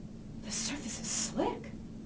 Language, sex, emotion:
English
female
fearful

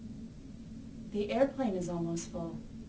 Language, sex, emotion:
English
female
neutral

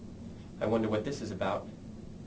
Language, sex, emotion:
English
male
disgusted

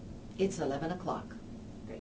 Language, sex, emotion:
English
female
neutral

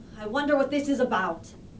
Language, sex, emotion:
English
female
disgusted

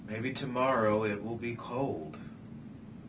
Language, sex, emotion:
English
male
neutral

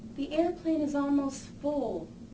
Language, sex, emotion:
English
female
fearful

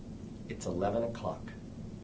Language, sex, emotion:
English
male
neutral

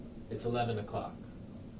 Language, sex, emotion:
English
male
neutral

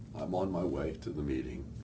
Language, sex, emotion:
English
male
sad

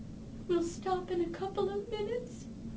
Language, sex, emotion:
English
female
sad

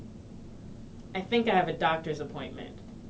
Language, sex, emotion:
English
female
neutral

